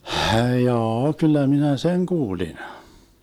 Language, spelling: Finnish, jaa kyllä minä sen kuulin
- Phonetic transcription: 'hjaa₍a 'kyllä 'minä "seŋ 'kuulin .

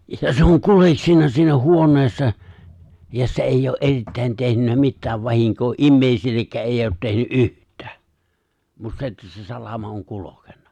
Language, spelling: Finnish, ja se on kuljeksinut siinä huoneessa ja se ei ole erittäin tehnyt mitään vahinkoa ihmisillekään - ei ole tehnyt yhtään mutta se että se salama on kulkenut
- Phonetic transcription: ja se oŋ 'kuleksinna siinä 'huoǹeessa , ja se̬ 'eijj ‿oo’ '’erittä̀in tehnynnä 'mittääv 'vahiŋkoo "’immèisillekkää ’ '’eij̆j ‿oot 'tehny’ "’yht̀ᴀ̈ᴀ̈ , mut 'se että se 'salama oŋ 'kulokenna .

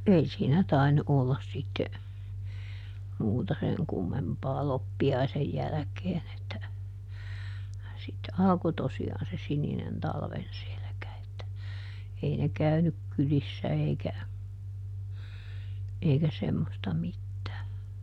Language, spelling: Finnish, ei siinä tainnut olla sitten muuta sen kummempaa loppiaisen jälkeen että sitten alkoi tosiaan se sininen talven selkä että ei ne käynyt kylissä eikä eikä semmoista mitään
- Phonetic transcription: ˈei siinä ˈtainnu ʼollas sitte , ˈmuuta seŋ kummempaa ˈloppi₍aisej ˈjäläkeen ‿että , sitte ˈalko ˈtosi₍aan se ˈsininen ˈtalven ˈselᵉkä että , ei ne ˈkäynyk ˈkylissä eikä , eikä ˈsemmosta ˈmittää .

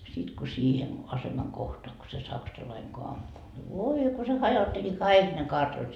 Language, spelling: Finnish, sitten kun siihen aseman kohtaan kun se saksalainen kun ampui voi kun se hajotteli kaikki ne kartanot
- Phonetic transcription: 'sit ko 'siihen , 'asemaŋ 'kohtoa ko se "saksalaiŋ ko ampu , 'voi ko se 'hajotteli "kaik ne 'kartanot .

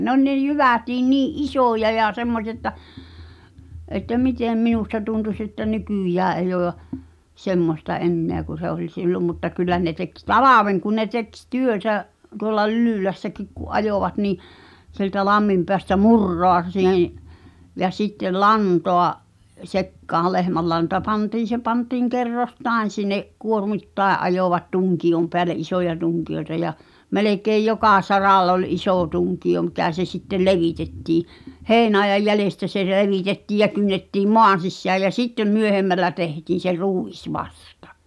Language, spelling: Finnish, ne oli ne jyvätkin niin isoja ja semmoisia että että miten minusta tuntuisi että nykyään ei ole ja semmoista enää kuin se oli silloin mutta kyllä ne teki talven kun ne teki - työtä tuolla Lylylässäkin kun ajoivat niin sieltä lamminpäästä muraa sihen ja sitten lantaa sekaan lehmänlanta pantiin se pantiin kerroksittain sinne kuormittain ajoivat tunkion päälle isoja tunkioita ja melkein joka saralla oli iso tunkio mikä se sitten levitettiin heinäajan jäljestä se levitettiin ja kynnettiin maan sisään ja sitten myöhemmällä tehtiin se ruis vasta
- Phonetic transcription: 'ne ‿oĺ ne "jyvätiin 'nii’ "’isòja ja 'semmosi₍a ‿tta̳ , ’että 'mitèm 'minusta 'tuntus että "nykỳjää 'eij ‿oo ʲa , 'semmosta "’enneä ku se 'oĺ sillom mutta 'kyllä ne tek "talaven kun ne tek s- , "työtä' , tuolla 'Lylỳlässäkik ku’ '’ajòvat nì , sieltä 'lammimpeästä "murroa si̳hen̬ , ja sittel̆ "lantoa’ , 'sekkaa 'lehmällanta 'pantiin̬ se 'pantiiŋ 'kerros"tài̬n̬ sin̆ne’ , 'kuormit"tàe’ ’ajovat 'tuŋki₍om peäle ’isoja 'tuŋki₍oĕta ja , 'melekeej "jokà 'sarall ‿ol "’isò 'tuŋki₍o mikä se sittel "levitettii , "hèi̬naejaj 'jälestä se levitettiij ja kynnettiim "moan̬ sissääj jä "sittem 'myöhemmällä tehtiin̬ se "rùis 'vastᴀ .

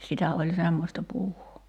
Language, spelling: Finnish, sitä oli semmoista puuhaa
- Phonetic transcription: 'sitä oĺ "semmosta 'puuhoo .

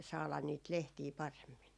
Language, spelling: Finnish, saada niitä lehtiä paremmin
- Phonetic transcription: 'saalan niit "lehtii 'paremmin .

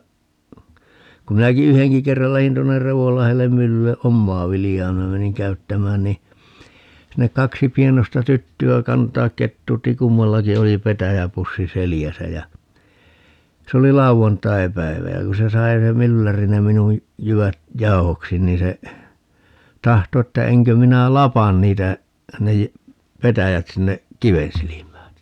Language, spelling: Finnish, kun minäkin yhdenkin kerran lähdin tuonne Revonlahdelle myllylle omaa viljaa minä menin käyttämään niin sinne kaksi pienoista tyttöä kantaa ketuutti kummallakin oli petäjäpussi selässä ja se oli lauantaipäivä ja kun se sai se mylläri ne minun jyvät jauhoksi niin se tahtoi että enkö minä lapa niitä ne - petäjät sinne kiven silmään
- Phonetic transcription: ku 'minäki "yheŋki 'kerral 'lähin tuonner "Revollahellem 'myllylle - "ʼommaa 'viljaa 'minä meniŋ "käyttämään ni , sinnek 'kaksi 'pienosta "tytty₍ä 'kantaak 'kettuutti - 'kummallaki oli "petäjäpussi 'selijäsä jä , 'se oli "lauvantaipäivä jä 'ku se sai se "mylläri ne minuj , 'jyvät "jau̬hoksi 'niin se , 'tahto että 'eŋkö 'minä "lapan niitä , 'ne jä- , 'petäjät sinne , "kiven silim̀ään .

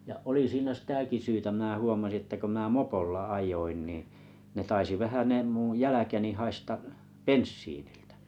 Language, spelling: Finnish, ja oli siinä sitäkin syytä minä huomasin että kun minä mopolla ajoin niin ne taisi vähän ne minun jälkeni haista bensiiniltä
- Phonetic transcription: ja’ 'oli siinä 'sⁱtäki syytä mⁱnä 'huomasi että ko mⁱnä̀ "mopolla "aj̀oin nì , ne 'taisi 'vähä ne muṵ 'jäläkeni , 'haista , "penssiinɪʟtᴀ̈ .

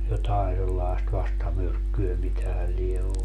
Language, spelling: Finnish, jotakin sellaista vastamyrkkyä mitähän lie ollut
- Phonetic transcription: 'jotaen sellaest 'vastamyrkkyö 'mitähä lie "ollu .

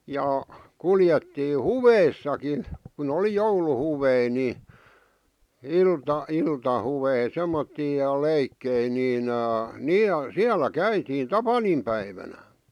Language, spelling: Finnish, ja kuljettiin huveissakin kun oli jouluhuveja niin - iltahuveja semmoisia ja leikkejä niin niin ja siellä käytiin tapaninpäivänä
- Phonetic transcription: ja , 'kuljettii "huveissakin̬ , ku'n ‿oli "jouluhuvei ni , 'ilta- 'iltahuvei 'semmottii ja "leikkei niin , "niij̆ ja , "siälä "käitiin "tapanimpäivänä .

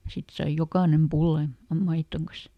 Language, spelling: Finnish, sitten sai jokainen pullan ja maidon kanssa
- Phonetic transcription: ˈsit saij ˈjokànem "pullan̬ , ja ˈmaittoŋ kas .

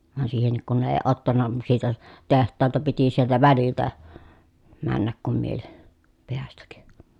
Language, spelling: Finnish, vaan siihenkin kun ne ei ottanut siitä olisi tehtaalta piti sieltä väliltä mennä kun mieli päästä
- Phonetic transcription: van siihennik kun ne ee ottanna , siit ‿òes , teht̆taalta piti sieltä väliltä , männäk kum miel , peästäk .

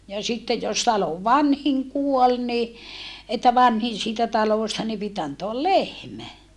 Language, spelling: Finnish, ja sitten jos talon vanhin kuoli niin että vanhin siitä talosta niin piti antaa lehmä
- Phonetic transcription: ja sitte jos talov vanhiŋ kuol ni , että vanhin siitä talòsta ni pit antoal lehmä .

